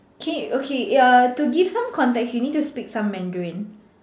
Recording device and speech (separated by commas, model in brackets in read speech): standing microphone, conversation in separate rooms